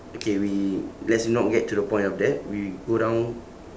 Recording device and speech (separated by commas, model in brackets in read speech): standing microphone, conversation in separate rooms